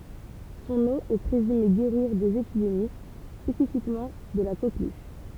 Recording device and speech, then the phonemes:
temple vibration pickup, read sentence
sɔ̃n o ɛ pʁezyme ɡeʁiʁ dez epidemi spesifikmɑ̃ də la koklyʃ

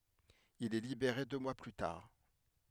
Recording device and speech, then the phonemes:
headset microphone, read sentence
il ɛ libeʁe dø mwa ply taʁ

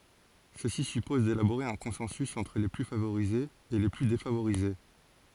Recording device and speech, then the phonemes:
forehead accelerometer, read sentence
səsi sypɔz delaboʁe œ̃ kɔ̃sɑ̃sy ɑ̃tʁ le ply favoʁizez e le ply defavoʁize

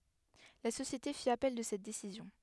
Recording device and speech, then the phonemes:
headset microphone, read sentence
la sosjete fi apɛl də sɛt desizjɔ̃

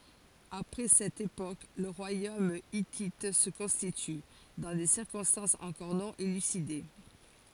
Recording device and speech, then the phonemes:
forehead accelerometer, read sentence
apʁɛ sɛt epok lə ʁwajom itit sə kɔ̃stity dɑ̃ de siʁkɔ̃stɑ̃sz ɑ̃kɔʁ nɔ̃ elyside

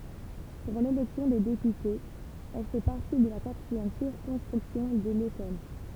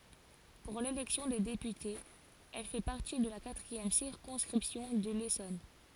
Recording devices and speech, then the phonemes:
temple vibration pickup, forehead accelerometer, read sentence
puʁ lelɛksjɔ̃ de depytez ɛl fɛ paʁti də la katʁiɛm siʁkɔ̃skʁipsjɔ̃ də lesɔn

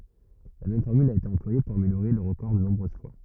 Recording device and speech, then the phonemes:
rigid in-ear microphone, read sentence
la mɛm fɔʁmyl a ete ɑ̃plwaje puʁ ameljoʁe lœʁ ʁəkɔʁ də nɔ̃bʁøz fwa

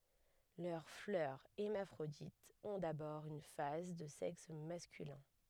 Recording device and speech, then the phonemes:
headset microphone, read sentence
lœʁ flœʁ ɛʁmafʁoditz ɔ̃ dabɔʁ yn faz də sɛks maskylɛ̃

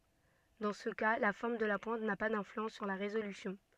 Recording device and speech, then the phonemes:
soft in-ear microphone, read sentence
dɑ̃ sə ka la fɔʁm də la pwɛ̃t na pa dɛ̃flyɑ̃s syʁ la ʁezolysjɔ̃

